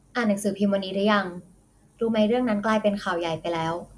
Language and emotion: Thai, neutral